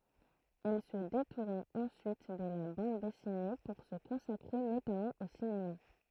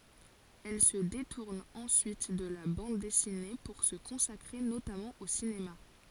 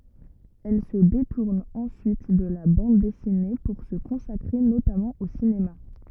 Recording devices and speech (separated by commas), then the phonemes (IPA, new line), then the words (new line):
throat microphone, forehead accelerometer, rigid in-ear microphone, read sentence
ɛl sə detuʁn ɑ̃syit də la bɑ̃d dɛsine puʁ sə kɔ̃sakʁe notamɑ̃ o sinema
Elle se détourne ensuite de la bande dessinée pour se consacrer notamment au cinéma.